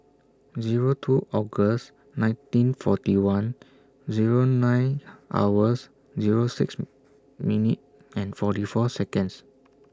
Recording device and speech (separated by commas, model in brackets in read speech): standing microphone (AKG C214), read sentence